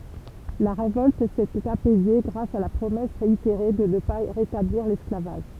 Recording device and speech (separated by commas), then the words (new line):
temple vibration pickup, read sentence
La révolte s'était apaisée grâce à la promesse réitérée de ne pas rétablir l'esclavage.